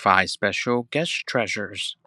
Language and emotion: English, happy